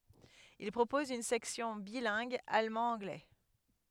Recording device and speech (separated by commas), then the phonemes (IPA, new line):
headset microphone, read sentence
il pʁopɔz yn sɛksjɔ̃ bilɛ̃ɡ almɑ̃dɑ̃ɡlɛ